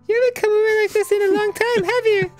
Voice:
Falsetto